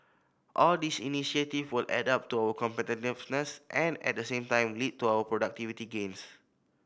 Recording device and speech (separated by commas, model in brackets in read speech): boundary microphone (BM630), read sentence